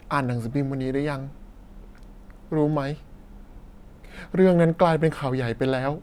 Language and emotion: Thai, sad